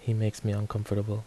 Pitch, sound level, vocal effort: 105 Hz, 74 dB SPL, soft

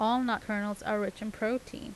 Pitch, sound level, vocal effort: 215 Hz, 82 dB SPL, normal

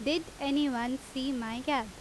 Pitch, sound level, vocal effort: 270 Hz, 88 dB SPL, very loud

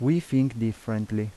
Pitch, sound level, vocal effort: 115 Hz, 83 dB SPL, normal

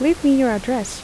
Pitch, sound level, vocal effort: 255 Hz, 81 dB SPL, normal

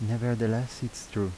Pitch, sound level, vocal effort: 115 Hz, 79 dB SPL, soft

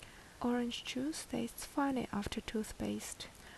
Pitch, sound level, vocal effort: 240 Hz, 69 dB SPL, soft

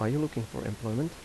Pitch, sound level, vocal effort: 115 Hz, 81 dB SPL, soft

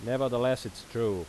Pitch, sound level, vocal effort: 120 Hz, 89 dB SPL, loud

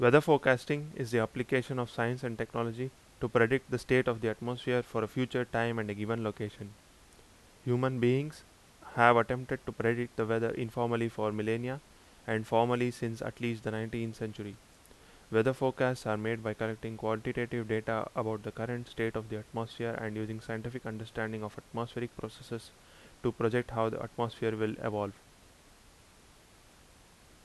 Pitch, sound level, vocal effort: 115 Hz, 83 dB SPL, loud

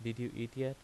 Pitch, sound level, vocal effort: 120 Hz, 84 dB SPL, normal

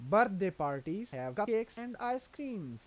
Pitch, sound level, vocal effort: 210 Hz, 89 dB SPL, normal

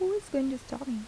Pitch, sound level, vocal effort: 275 Hz, 79 dB SPL, soft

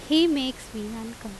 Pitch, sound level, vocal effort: 230 Hz, 89 dB SPL, loud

